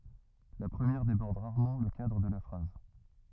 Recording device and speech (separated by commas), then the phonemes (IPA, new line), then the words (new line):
rigid in-ear microphone, read sentence
la pʁəmjɛʁ debɔʁd ʁaʁmɑ̃ lə kadʁ də la fʁaz
La première déborde rarement le cadre de la phrase.